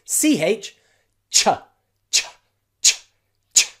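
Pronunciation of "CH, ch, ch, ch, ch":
The voiceless ch sound is said several times in a row, and each ch is very short.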